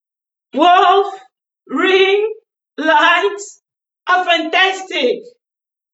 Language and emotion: English, sad